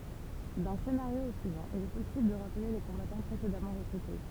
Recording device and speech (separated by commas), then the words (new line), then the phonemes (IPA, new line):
temple vibration pickup, read sentence
D'un scénario au suivant, il est possible de rappeler les combattants précédemment recrutés.
dœ̃ senaʁjo o syivɑ̃ il ɛ pɔsibl də ʁaple le kɔ̃batɑ̃ pʁesedamɑ̃ ʁəkʁyte